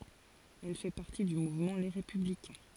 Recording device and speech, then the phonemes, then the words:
forehead accelerometer, read sentence
ɛl fɛ paʁti dy muvmɑ̃ le ʁepyblikɛ̃
Elle fait partie du mouvement Les Républicains.

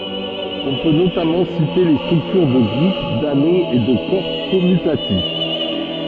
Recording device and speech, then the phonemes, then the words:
soft in-ear microphone, read sentence
ɔ̃ pø notamɑ̃ site le stʁyktyʁ də ɡʁup dano e də kɔʁ kɔmytatif
On peut notamment citer les structures de groupe, d’anneau et de corps commutatif.

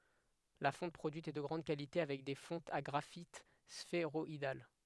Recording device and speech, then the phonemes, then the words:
headset microphone, read sentence
la fɔ̃t pʁodyit ɛ də ɡʁɑ̃d kalite avɛk de fɔ̃tz a ɡʁafit sfeʁɔidal
La fonte produite est de grande qualité avec des fontes à graphites sphéroïdales.

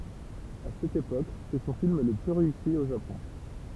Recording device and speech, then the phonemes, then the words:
temple vibration pickup, read sentence
a sɛt epok sɛ sɔ̃ film lə ply ʁeysi o ʒapɔ̃
À cette époque, c'est son film le plus réussi au Japon.

